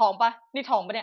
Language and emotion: Thai, happy